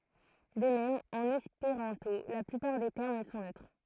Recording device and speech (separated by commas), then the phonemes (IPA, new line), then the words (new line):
throat microphone, read sentence
də mɛm ɑ̃n ɛspeʁɑ̃to la plypaʁ de tɛʁm sɔ̃ nøtʁ
De même en espéranto, la plupart des termes sont neutres.